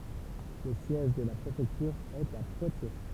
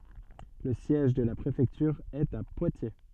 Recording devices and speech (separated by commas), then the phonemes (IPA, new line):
temple vibration pickup, soft in-ear microphone, read sentence
lə sjɛʒ də la pʁefɛktyʁ ɛt a pwatje